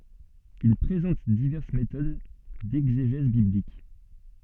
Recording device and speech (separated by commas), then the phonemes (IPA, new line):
soft in-ear microphone, read sentence
il pʁezɑ̃t divɛʁs metod dɛɡzeʒɛz biblik